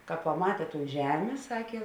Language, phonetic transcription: Lithuanian, ka paˈmatė ton ˈžemė ˈsakė

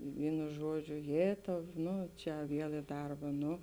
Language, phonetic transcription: Lithuanian, ˈvynu ˈžuoˌdžiu ˈjėtau ˈnu čia ˈviel i ˈdarba ˈnu

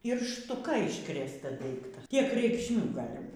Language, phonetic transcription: Lithuanian, ir štuˈka iškrėsˈta ˈdaikta ˈtiek reikšˈmių ˈgali

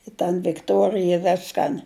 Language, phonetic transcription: Lithuanian, i tan vikˈtuorija ˈveskan

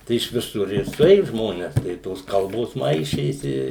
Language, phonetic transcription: Lithuanian, ˈtai iš viˈsur ir suˈėju ˈžmones tai i ˈtos ˈkalbos ˈmaišėsi i

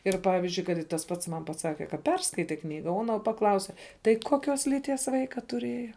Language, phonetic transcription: Lithuanian, ˈir ˈpavizdžiui ˈkad i tas ˈpats ˈman paˈsake ka ˈperskaite ˈknyga o ˈano paˈklause tai ˈkoˌkios lyˈties ˈvaika tuˈrieja

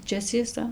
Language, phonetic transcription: Lithuanian, ˈčia cieˈsa

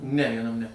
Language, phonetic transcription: Lithuanian, ne vieˈnam ne

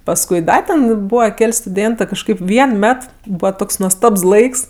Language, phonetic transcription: Lithuanian, pasˈkui ˈda ten ˈbūva ˈkel' stuˈdėntɜ kažˈkaip ˈvien ˈmet ˈbūva ˈtoks nuosˈtabs ˈlaiks

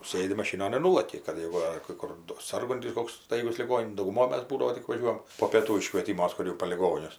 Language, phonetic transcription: Lithuanian, ˈsɘdi maˈšynon ir ˈnūlaki kad ˈjėgu ar kai ˈkur do ˈsarguntis ˈkoks ˈstaigus liˈgon' dauguˈmoj ˈmas ˈbūdavo tik vaˈžiuojam po pėˈtų iškvėˈtimuos ˈkur jau po liˈgonius

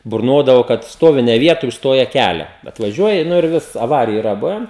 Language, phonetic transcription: Lithuanian, burˈnodavo kad ˈstovi ne ˈvietoj užˈstoja ˈkælia atvaˈžiuoji ˈnu ir ˈvis aˈvariju iˈra ˈbuven

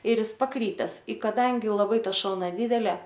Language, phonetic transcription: Lithuanian, ir ˈis paˈkrypes i ˈkaˈdangi laˈbai ˈta ˈšalna ˈdydele

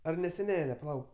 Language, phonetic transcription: Lithuanian, ar ne seˈnele paˈlauk

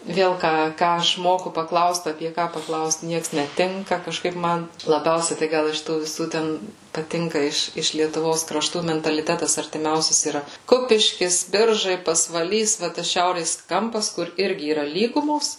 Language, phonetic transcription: Lithuanian, ˈvėl ˈką ˈką aš ˈmoku paˈklaust apie ˈką paˈklaust ˈnieks neˈtinka kažˈkaip ˈman laˈbiausiai tai ˈgal iš ˈtų viˈsų ˈten paˈtinka ˈiš iš lietuˈvos kraˈštų mentaliˈtetas artiˈmiausias yra ˈkupiškis ˈbiržai pasvaˈlys va ˈtas ˈšiaurės ˈkampas kur ˈirgi yˈra ˈlygumos

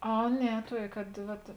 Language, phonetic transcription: Lithuanian, ˈa ˈne ˈtuokė kad ˈvat

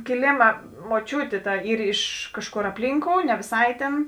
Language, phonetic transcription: Lithuanian, kiˈlėma moˈčiūtė ˈta ˈyr iš ˈkažˌkor apˈlynkou ne vėˈsai tėn

